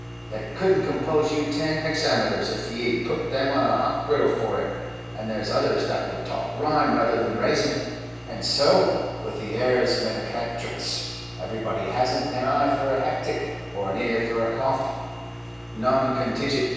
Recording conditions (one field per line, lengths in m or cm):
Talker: one person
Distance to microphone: 7.1 m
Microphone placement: far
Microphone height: 1.7 m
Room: very reverberant, large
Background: none